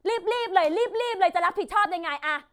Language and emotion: Thai, angry